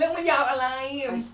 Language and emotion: Thai, happy